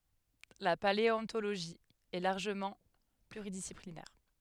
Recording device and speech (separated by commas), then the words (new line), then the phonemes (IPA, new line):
headset microphone, read sentence
La paléontologie est largement pluridisciplinaire.
la paleɔ̃toloʒi ɛ laʁʒəmɑ̃ plyʁidisiplinɛʁ